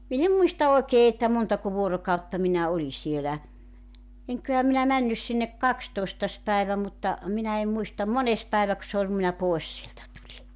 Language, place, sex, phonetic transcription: Finnish, Joutsa, female, min ‿em "muista 'oekee että 'montako 'vuorokautta minä 'oli sielä , 'eŋk̆köhä minä 'männys sinnek "kakstoestas 'päivä mutta , minä em 'muistam "mones 'päeväk[ö] se oĺ (ku) minä 'pòes sieltä 'tuĺi .
- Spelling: minä en muista oikein että montako vuorokautta minä olin siellä enköhän minä mennyt sinne kahdestoista päivä mutta minä en muista mones päiväkö se oli kun minä pois sieltä tulin

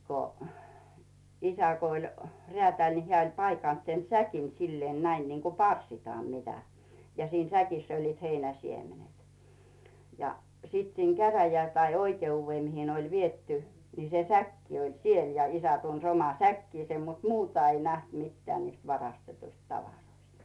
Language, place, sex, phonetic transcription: Finnish, Rautu, female, ko , 'isä ko oĺ , 'reätä̀ĺ ni 'heä̀ oĺ 'paikànt sen "säkin 'silleen 'näin niŋko "pars̀itaam mitä , ja 'siin "säkiss ‿olliit 'heinä 'siemenet , ja , 'siit siin 'käräjä- tai 'oike₍uuvvé 'mihi ne oĺ "vietty , ni se 'säkki oĺ "siel ja 'isä tuns 'oma "säkkiisem mut "muuta ei näht 'mitteä̀ niist 'varastetuist 'tavaroist .
- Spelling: kun isä kun oli räätäli niin hän oli paikannut sen säkin sillä lailla näin niin kuin parsitaan mitä ja siinä säkissä olivat heinän siemenet ja sitten siinä - tai oikeuteen mihin ne oli viety niin se säkki oli siellä ja isä tunsi oman säkkinsä mutta muuta ei nähty mitään niistä varastetuista tavaroista

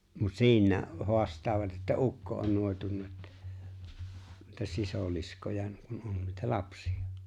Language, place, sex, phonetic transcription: Finnish, Lapinlahti, male, mut "siiǹää ’o , 'hoast̀aavat että "ukko on 'nòetunna ettᴀ̈ , että 'sisòliskoja 'kun on nuita "lapsi₍ᴀ .
- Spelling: mutta siinä on haastavat että ukko on noitunut että että sisiliskoja kun on noita lapsia

